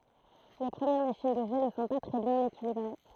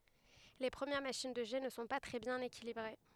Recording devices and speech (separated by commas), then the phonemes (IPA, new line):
throat microphone, headset microphone, read sentence
le pʁəmjɛʁ maʃin də ʒɛ nə sɔ̃ pa tʁɛ bjɛ̃n ekilibʁe